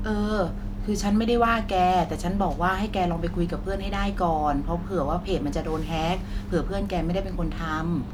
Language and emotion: Thai, neutral